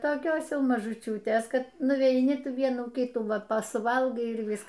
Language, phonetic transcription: Lithuanian, toˈkios ˈjau mažuˈčiūtės ˈkad nuveiˈni ˈtų ˈvienų ˈkitų ˈva ˈpa suˈvalgai ir ˈvisk

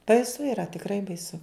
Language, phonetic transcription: Lithuanian, baiˈsu yˈra tikˈrai baiˈsu

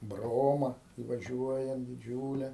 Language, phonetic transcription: Lithuanian, ˈbroma ivaˈžiuojant diˈdžiūle

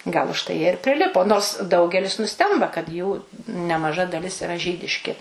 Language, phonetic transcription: Lithuanian, gal užˈtai ˈjie ir priˈlipo nors ˈdaugelis nuˈstemba kad jų nemaˈža daˈlis iˈra ˈžydiški

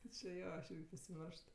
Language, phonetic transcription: Lithuanian, ti či ˈjo aš ˈirgi pasiˈmeršt

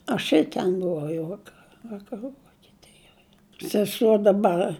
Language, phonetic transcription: Lithuanian, aš ir ˈten buˈvau jau ˈvaka vakaˈrų vokeˈtijoj seˈsuo daˈbar

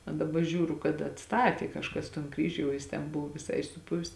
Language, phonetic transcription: Lithuanian, a daˈba ˈžiūru kad atˈstatė kažˈkas ton ˈkryžiu jau ˈjis ten ˈbuvo viˈsai suˈpuvis

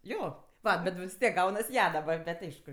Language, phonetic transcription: Lithuanian, ˈjo ˈva bet vis ˈtiek ˈgaunas ˈja daˈbar bet' ˈaišku

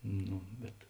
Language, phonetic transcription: Lithuanian, ˈnū bet

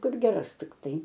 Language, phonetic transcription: Lithuanian, ˈkur geˈras tikˈtai

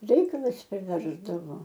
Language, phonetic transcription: Lithuanian, ˈreikalas priˈversdavo

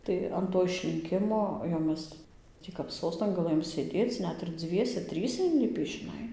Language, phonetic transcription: Lithuanian, tai an ˈto išlinˈkimo jau ˈmes ˈtį kap ˈsostan gaˈlɘjom sėˈdėc ˈnet ir ˈdzviese ˈtryse inˈlipį žiˈnai

